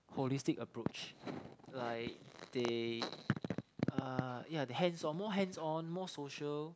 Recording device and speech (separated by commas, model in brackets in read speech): close-talking microphone, conversation in the same room